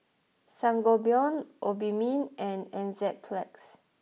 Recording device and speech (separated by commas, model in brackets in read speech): mobile phone (iPhone 6), read sentence